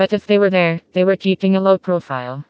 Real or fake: fake